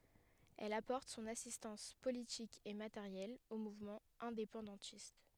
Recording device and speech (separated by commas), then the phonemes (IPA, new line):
headset microphone, read sentence
ɛl apɔʁt sɔ̃n asistɑ̃s politik e mateʁjɛl o muvmɑ̃z ɛ̃depɑ̃dɑ̃tist